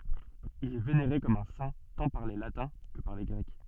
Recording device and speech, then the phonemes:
soft in-ear microphone, read sentence
il ɛ veneʁe kɔm œ̃ sɛ̃ tɑ̃ paʁ le latɛ̃ kə paʁ le ɡʁɛk

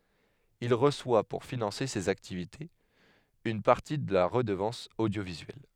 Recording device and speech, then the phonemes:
headset microphone, read sentence
il ʁəswa puʁ finɑ̃se sez aktivitez yn paʁti də la ʁədəvɑ̃s odjovizyɛl

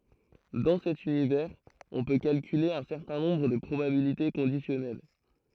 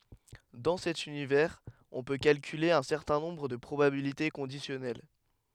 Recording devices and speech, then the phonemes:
throat microphone, headset microphone, read sentence
dɑ̃ sɛt ynivɛʁz ɔ̃ pø kalkyle œ̃ sɛʁtɛ̃ nɔ̃bʁ də pʁobabilite kɔ̃disjɔnɛl

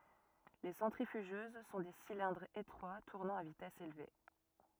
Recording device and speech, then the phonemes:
rigid in-ear microphone, read sentence
le sɑ̃tʁifyʒøz sɔ̃ de silɛ̃dʁz etʁwa tuʁnɑ̃ a vitɛs elve

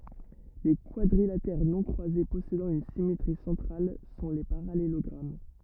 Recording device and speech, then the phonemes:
rigid in-ear microphone, read sentence
le kwadʁilatɛʁ nɔ̃ kʁwaze pɔsedɑ̃ yn simetʁi sɑ̃tʁal sɔ̃ le paʁalelɔɡʁam

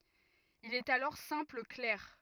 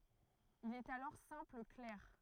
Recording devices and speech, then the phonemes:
rigid in-ear microphone, throat microphone, read sentence
il ɛt alɔʁ sɛ̃pl klɛʁ

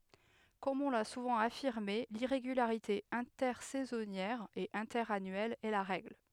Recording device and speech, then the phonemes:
headset microphone, read sentence
kɔm ɔ̃ la suvɑ̃ afiʁme liʁeɡylaʁite ɛ̃tɛʁsɛzɔnjɛʁ e ɛ̃tɛʁanyɛl ɛ la ʁɛɡl

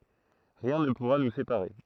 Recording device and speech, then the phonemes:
throat microphone, read sentence
ʁiɛ̃ nə puʁa nu sepaʁe

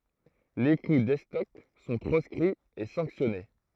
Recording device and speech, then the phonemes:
throat microphone, read sentence
le ku dɛstɔk sɔ̃ pʁɔskʁiz e sɑ̃ksjɔne

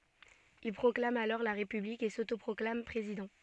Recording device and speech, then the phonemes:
soft in-ear microphone, read sentence
il pʁɔklam alɔʁ la ʁepyblik e sotopʁɔklam pʁezidɑ̃

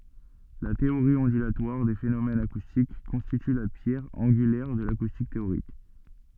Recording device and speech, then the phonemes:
soft in-ear microphone, read sentence
la teoʁi ɔ̃dylatwaʁ de fenomɛnz akustik kɔ̃stity la pjɛʁ ɑ̃ɡylɛʁ də lakustik teoʁik

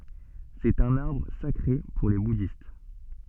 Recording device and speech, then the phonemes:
soft in-ear microphone, read sentence
sɛt œ̃n aʁbʁ sakʁe puʁ le budist

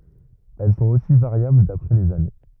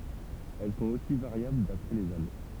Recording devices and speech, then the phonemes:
rigid in-ear microphone, temple vibration pickup, read sentence
ɛl sɔ̃t osi vaʁjabl dapʁɛ lez ane

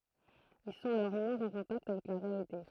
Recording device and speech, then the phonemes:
throat microphone, read sentence
il sɔ̃t alɔʁ mwɛ̃z ɑ̃ kɔ̃takt avɛk la ʁealite

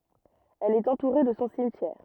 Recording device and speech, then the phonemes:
rigid in-ear microphone, read sentence
ɛl ɛt ɑ̃tuʁe də sɔ̃ simtjɛʁ

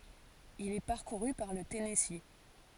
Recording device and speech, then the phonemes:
forehead accelerometer, read sentence
il ɛ paʁkuʁy paʁ lə tɛnɛsi

